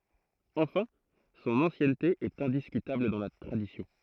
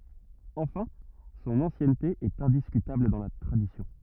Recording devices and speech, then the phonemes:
throat microphone, rigid in-ear microphone, read sentence
ɑ̃fɛ̃ sɔ̃n ɑ̃sjɛnte ɛt ɛ̃diskytabl dɑ̃ la tʁadisjɔ̃

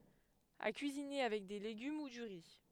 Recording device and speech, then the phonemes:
headset microphone, read sentence
a kyizine avɛk de leɡym u dy ʁi

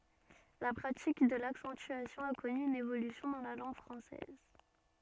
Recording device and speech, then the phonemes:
soft in-ear microphone, read sentence
la pʁatik də laksɑ̃tyasjɔ̃ a kɔny yn evolysjɔ̃ dɑ̃ la lɑ̃ɡ fʁɑ̃sɛz

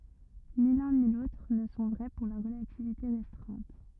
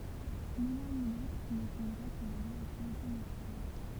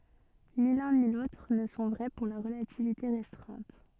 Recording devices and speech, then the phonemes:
rigid in-ear microphone, temple vibration pickup, soft in-ear microphone, read sentence
ni lœ̃ ni lotʁ nə sɔ̃ vʁɛ puʁ la ʁəlativite ʁɛstʁɛ̃t

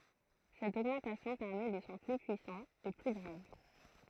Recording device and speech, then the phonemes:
throat microphone, read sentence
sɛt oɡmɑ̃tasjɔ̃ pɛʁmɛ de sɔ̃ ply pyisɑ̃z e ply ɡʁav

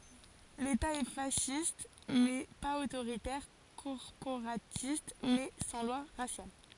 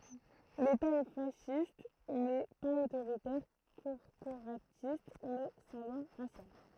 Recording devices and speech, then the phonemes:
forehead accelerometer, throat microphone, read sentence
leta ɛ fasist mɛ paz otoʁitɛʁ kɔʁpoʁatist mɛ sɑ̃ lwa ʁasjal

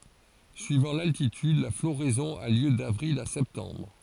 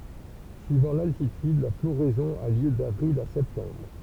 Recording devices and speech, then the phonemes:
forehead accelerometer, temple vibration pickup, read sentence
syivɑ̃ laltityd la floʁɛzɔ̃ a ljø davʁil a sɛptɑ̃bʁ

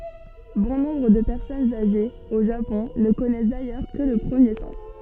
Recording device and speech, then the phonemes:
soft in-ear microphone, read sentence
bɔ̃ nɔ̃bʁ də pɛʁsɔnz aʒez o ʒapɔ̃ nə kɔnɛs dajœʁ kə lə pʁəmje sɑ̃s

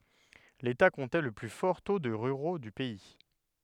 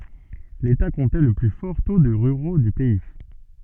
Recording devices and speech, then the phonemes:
headset microphone, soft in-ear microphone, read sentence
leta kɔ̃tɛ lə ply fɔʁ to də ʁyʁo dy pɛi

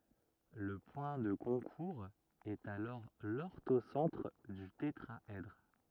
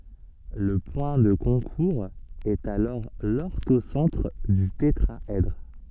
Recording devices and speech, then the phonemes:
rigid in-ear microphone, soft in-ear microphone, read sentence
lə pwɛ̃ də kɔ̃kuʁz ɛt alɔʁ lɔʁtosɑ̃tʁ dy tetʁaɛdʁ

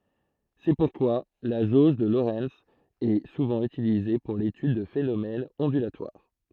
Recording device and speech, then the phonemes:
throat microphone, read sentence
sɛ puʁkwa la ʒoʒ də loʁɛnz ɛ suvɑ̃ ytilize puʁ letyd də fenomɛnz ɔ̃dylatwaʁ

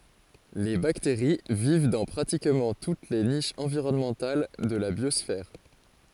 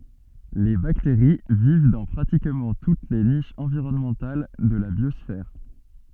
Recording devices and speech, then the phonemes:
forehead accelerometer, soft in-ear microphone, read sentence
le bakteʁi viv dɑ̃ pʁatikmɑ̃ tut le niʃz ɑ̃viʁɔnmɑ̃tal də la bjɔsfɛʁ

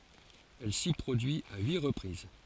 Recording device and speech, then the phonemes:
forehead accelerometer, read sentence
ɛl si pʁodyi a yi ʁəpʁiz

